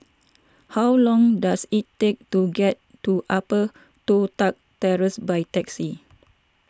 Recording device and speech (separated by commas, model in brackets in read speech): standing microphone (AKG C214), read sentence